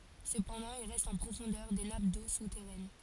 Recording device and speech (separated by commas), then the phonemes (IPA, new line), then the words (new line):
forehead accelerometer, read sentence
səpɑ̃dɑ̃ il ʁɛst ɑ̃ pʁofɔ̃dœʁ de nap do sutɛʁɛn
Cependant, il reste en profondeur des nappes d'eau souterraine.